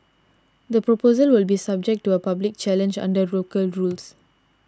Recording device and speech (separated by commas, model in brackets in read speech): standing microphone (AKG C214), read sentence